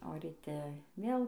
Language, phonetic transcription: Lithuanian, o ryˈte ˈvėl

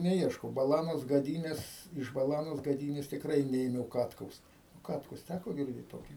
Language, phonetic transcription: Lithuanian, neˈieškau baˈlanos gaˈdynės iš baˈlanos gaˈdynės tikˈrai ˈneėmiau ˈkatkaus ˈkatkus ˈtæko girˈdėt ˈtokį

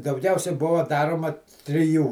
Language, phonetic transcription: Lithuanian, dauˈgiausiai ˈbuva ˈdaroma triˈjų

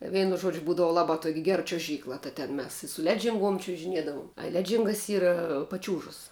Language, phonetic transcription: Lithuanian, ˈveinu ˈžuodžiu ˈbūdava ˈlabā tuok' ger čiuoˈžykla ta ten ˈmes su i ˈledžinˌguom čiužiˈniedavum a ˈledžingas ˈyra paˈčiūžas

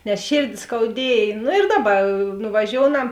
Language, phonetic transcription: Lithuanian, nes ˈšėrdi skauˈdiej ˈnu ir ˈdaˌba nuvaˈžiounam

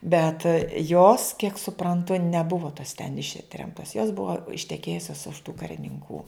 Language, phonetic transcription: Lithuanian, bet jos kiek supranˈtu neˈbuvo tos ten ˈištremtos jos ˈbuvo išteˈkėjusios už tų karininˈkų

